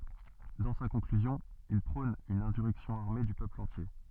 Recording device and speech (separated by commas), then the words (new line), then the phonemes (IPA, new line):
soft in-ear microphone, read sentence
Dans sa conclusion, il prône une insurrection armée du peuple entier.
dɑ̃ sa kɔ̃klyzjɔ̃ il pʁɔ̃n yn ɛ̃syʁɛksjɔ̃ aʁme dy pøpl ɑ̃tje